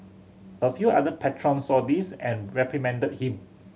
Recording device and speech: mobile phone (Samsung C7100), read sentence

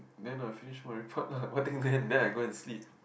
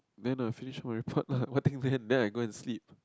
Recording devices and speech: boundary microphone, close-talking microphone, conversation in the same room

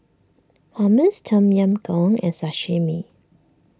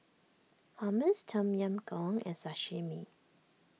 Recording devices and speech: standing microphone (AKG C214), mobile phone (iPhone 6), read sentence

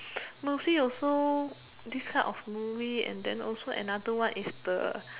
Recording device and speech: telephone, conversation in separate rooms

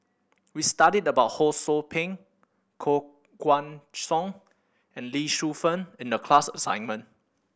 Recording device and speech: boundary microphone (BM630), read sentence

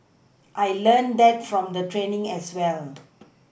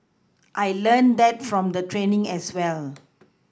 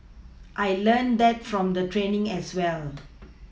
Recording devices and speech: boundary microphone (BM630), close-talking microphone (WH20), mobile phone (iPhone 6), read sentence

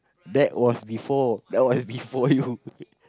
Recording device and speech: close-talking microphone, conversation in the same room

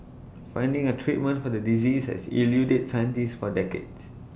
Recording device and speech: boundary microphone (BM630), read sentence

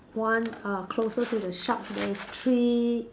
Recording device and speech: standing microphone, conversation in separate rooms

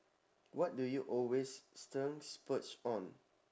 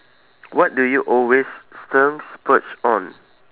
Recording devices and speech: standing microphone, telephone, conversation in separate rooms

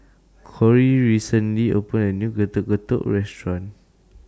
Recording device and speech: standing microphone (AKG C214), read sentence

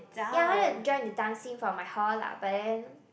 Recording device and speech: boundary microphone, conversation in the same room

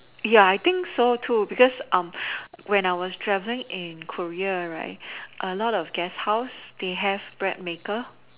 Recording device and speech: telephone, conversation in separate rooms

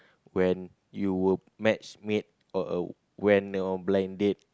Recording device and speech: close-talking microphone, conversation in the same room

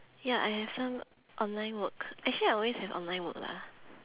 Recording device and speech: telephone, conversation in separate rooms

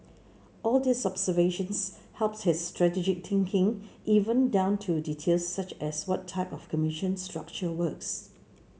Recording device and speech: mobile phone (Samsung C7), read sentence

